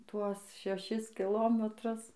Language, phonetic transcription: Lithuanian, ˈtuos šeˈšis kiˈlometrus

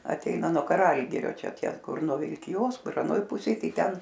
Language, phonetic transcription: Lithuanian, aˈteina nuo kaˈralgirio ˈčia ˈtie ˈkur nuo vilkiˈjos ˈkur aˈnoj ˈpusėj ˈtai ˈten

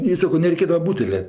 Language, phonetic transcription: Lithuanian, i ˈsako nereiˈkėdava ˈbūtele

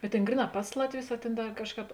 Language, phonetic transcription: Lithuanian, bet ˈtėn ˈgryˌnā ˈpas latˌvius a ˈtėn ˈda ˈkažˌkāp

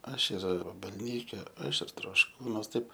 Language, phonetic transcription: Lithuanian, ˈaš ir vabalˈnyke ˈaš ir trošˈkūnuos ˈtaip

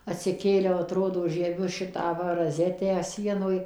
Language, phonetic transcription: Lithuanian, atsiˈkėliau aˈtrodo žieˈbiu ˈšitą ˈva raˈzetę ˈsienoj

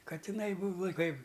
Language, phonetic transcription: Lithuanian, katiˈnai ˈbūva ˈkaip

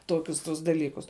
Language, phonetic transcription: Lithuanian, ˈtokius tus daˈlykus

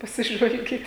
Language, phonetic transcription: Lithuanian, pasiˈžvalgyt

